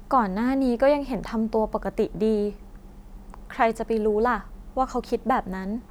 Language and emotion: Thai, sad